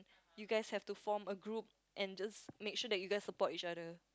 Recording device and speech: close-talking microphone, conversation in the same room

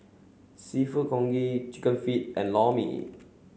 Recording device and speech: mobile phone (Samsung C7), read sentence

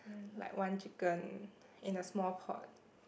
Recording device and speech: boundary microphone, conversation in the same room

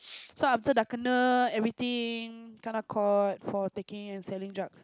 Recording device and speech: close-talking microphone, conversation in the same room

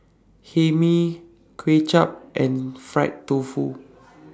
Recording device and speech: standing microphone (AKG C214), read sentence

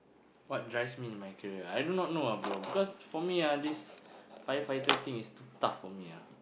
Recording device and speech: boundary microphone, conversation in the same room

